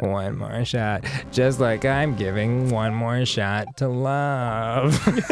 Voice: Gravelly voice